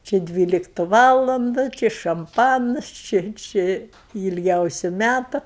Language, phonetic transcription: Lithuanian, či ˈdvyliktu ˈvalandu ˈči šamˈpanas ˈči ˈči i ilˈgiausiu ˈmætu

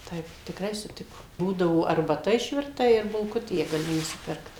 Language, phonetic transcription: Lithuanian, ˈtaip tikˈrai suˈtikom ˈbūdavo arbaˈta išvirˈta ir bulˈkutė gaˈli nusiˈpirkt

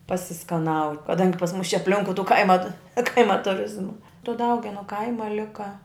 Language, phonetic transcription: Lithuanian, pasiskaˈnau kaˈdangi pas mus čia apˈlinkui tū ˈkaima ˈkaima tuˈrizma tu ˈdaugenu ˈkaima ˈlika

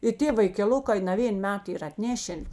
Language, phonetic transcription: Lithuanian, i ˈtė vaikeˈlukai naˈvėn ˈmet ˈyr ir atˈnešen

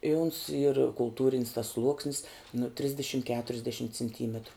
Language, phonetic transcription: Lithuanian, i uns yr kulˈtūrin's tas ˈsluoksnis nu ˈtrisdešim keturiasˈdešim cinˈtymetru

